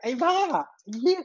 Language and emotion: Thai, happy